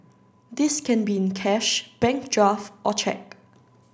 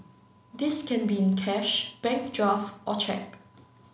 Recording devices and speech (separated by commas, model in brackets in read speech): standing microphone (AKG C214), mobile phone (Samsung C9), read sentence